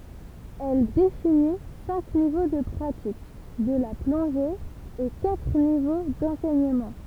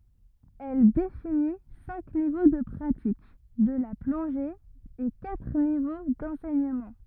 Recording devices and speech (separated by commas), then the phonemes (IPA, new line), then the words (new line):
temple vibration pickup, rigid in-ear microphone, read sentence
ɛl defini sɛ̃k nivo də pʁatik də la plɔ̃ʒe e katʁ nivo dɑ̃sɛɲəmɑ̃
Elle définit cinq niveaux de pratique de la plongée et quatre niveaux d'enseignement.